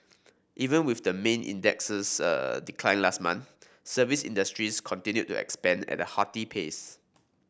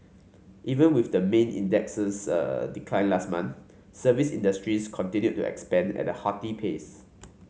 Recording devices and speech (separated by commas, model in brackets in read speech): boundary microphone (BM630), mobile phone (Samsung C5), read sentence